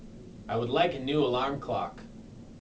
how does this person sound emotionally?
neutral